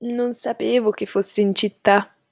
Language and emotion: Italian, sad